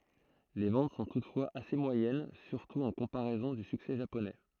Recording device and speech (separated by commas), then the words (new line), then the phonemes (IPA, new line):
throat microphone, read sentence
Les ventes sont toutefois assez moyennes, surtout en comparaison du succès japonais.
le vɑ̃t sɔ̃ tutfwaz ase mwajɛn syʁtu ɑ̃ kɔ̃paʁɛzɔ̃ dy syksɛ ʒaponɛ